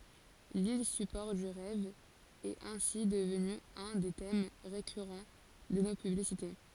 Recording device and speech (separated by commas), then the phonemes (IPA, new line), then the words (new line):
forehead accelerometer, read sentence
lil sypɔʁ dy ʁɛv ɛt ɛ̃si dəvny œ̃ de tɛm ʁekyʁɑ̃ də no pyblisite
L'île support du rêve est ainsi devenue un des thèmes récurrent de nos publicités.